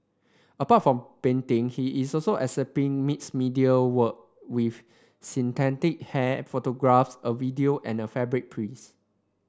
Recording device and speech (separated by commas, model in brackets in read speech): standing microphone (AKG C214), read sentence